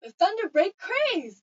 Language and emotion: English, disgusted